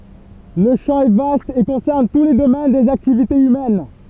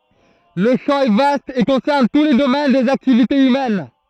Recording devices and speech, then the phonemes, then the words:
temple vibration pickup, throat microphone, read sentence
lə ʃɑ̃ ɛ vast e kɔ̃sɛʁn tu le domɛn dez aktivitez ymɛn
Le champ est vaste et concerne tous les domaines des activités humaines.

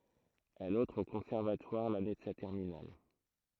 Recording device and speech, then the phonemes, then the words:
throat microphone, read sentence
ɛl ɑ̃tʁ o kɔ̃sɛʁvatwaʁ lane də sa tɛʁminal
Elle entre au conservatoire l'année de sa terminale.

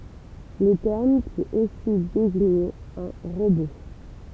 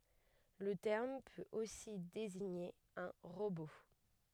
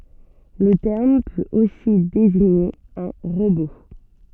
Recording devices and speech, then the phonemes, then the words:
temple vibration pickup, headset microphone, soft in-ear microphone, read sentence
lə tɛʁm pøt osi deziɲe œ̃ ʁobo
Le terme peut aussi désigner un robot.

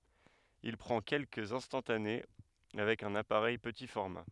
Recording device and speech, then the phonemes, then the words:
headset microphone, read sentence
il pʁɑ̃ kɛlkəz ɛ̃stɑ̃tane avɛk œ̃n apaʁɛj pəti fɔʁma
Il prend quelques instantanés avec un appareil petit format.

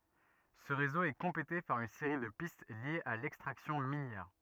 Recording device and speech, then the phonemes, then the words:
rigid in-ear microphone, read sentence
sə ʁezo ɛ kɔ̃plete paʁ yn seʁi də pist ljez a lɛkstʁaksjɔ̃ minjɛʁ
Ce réseau est complété par une série de pistes liées à l'extraction minière.

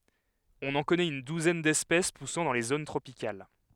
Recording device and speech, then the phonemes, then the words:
headset microphone, read sentence
ɔ̃n ɑ̃ kɔnɛt yn duzɛn dɛspɛs pusɑ̃ dɑ̃ le zon tʁopikal
On en connaît une douzaine d'espèces poussant dans les zones tropicales.

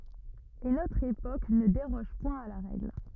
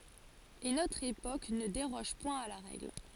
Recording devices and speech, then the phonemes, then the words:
rigid in-ear microphone, forehead accelerometer, read sentence
e notʁ epok nə deʁɔʒ pwɛ̃ a la ʁɛɡl
Et notre époque ne déroge point à la règle.

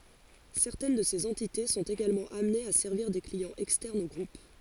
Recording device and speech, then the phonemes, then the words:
forehead accelerometer, read sentence
sɛʁtɛn də sez ɑ̃tite sɔ̃t eɡalmɑ̃ amnez a sɛʁviʁ de kliɑ̃z ɛkstɛʁnz o ɡʁup
Certaines de ces entités sont également amenées à servir des clients externes au groupe.

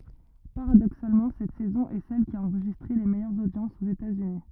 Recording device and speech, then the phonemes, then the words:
rigid in-ear microphone, read sentence
paʁadoksalmɑ̃ sɛt sɛzɔ̃ ɛ sɛl ki a ɑ̃ʁʒistʁe le mɛjœʁz odjɑ̃sz oz etatsyni
Paradoxalement, cette saison est celle qui a enregistré les meilleures audiences aux États-Unis.

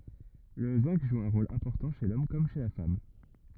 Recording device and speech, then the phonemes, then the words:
rigid in-ear microphone, read sentence
lə zɛ̃ɡ ʒu œ̃ ʁol ɛ̃pɔʁtɑ̃ ʃe lɔm kɔm ʃe la fam
Le zinc joue un rôle important chez l'homme comme chez la femme.

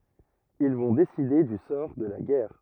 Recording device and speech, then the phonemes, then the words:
rigid in-ear microphone, read sentence
il vɔ̃ deside dy sɔʁ də la ɡɛʁ
Ils vont décider du sort de la guerre.

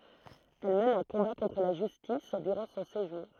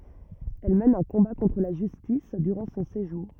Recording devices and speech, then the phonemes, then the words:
throat microphone, rigid in-ear microphone, read sentence
ɛl mɛn œ̃ kɔ̃ba kɔ̃tʁ la ʒystis dyʁɑ̃ sɔ̃ seʒuʁ
Elle mène un combat contre la justice durant son séjour.

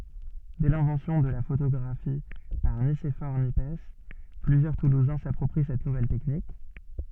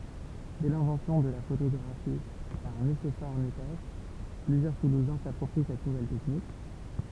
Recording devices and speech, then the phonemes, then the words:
soft in-ear microphone, temple vibration pickup, read sentence
dɛ lɛ̃vɑ̃sjɔ̃ də la fotoɡʁafi paʁ nisefɔʁ njɛps plyzjœʁ tuluzɛ̃ sapʁɔpʁi sɛt nuvɛl tɛknik
Dès l'invention de la photographie par Nicéphore Niepce, plusieurs toulousains s'approprient cette nouvelle technique.

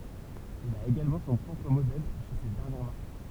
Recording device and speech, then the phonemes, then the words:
temple vibration pickup, read sentence
il a eɡalmɑ̃ sɔ̃ pʁɔpʁ modɛl ʃe sɛt dɛʁnjɛʁ maʁk
Il a également son propre modèle chez cette dernière marque.

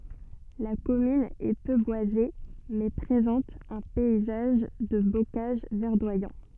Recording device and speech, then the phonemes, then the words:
soft in-ear microphone, read sentence
la kɔmyn ɛ pø bwaze mɛ pʁezɑ̃t œ̃ pɛizaʒ də bokaʒ vɛʁdwajɑ̃
La commune est peu boisée, mais présente un paysage de bocage verdoyant.

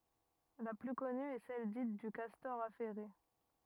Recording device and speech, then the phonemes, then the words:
rigid in-ear microphone, read sentence
la ply kɔny ɛ sɛl dit dy kastɔʁ afɛʁe
La plus connue est celle dite du castor affairé.

